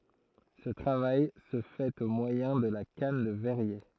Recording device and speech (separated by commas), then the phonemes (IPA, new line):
throat microphone, read sentence
sə tʁavaj sə fɛt o mwajɛ̃ də la kan də vɛʁje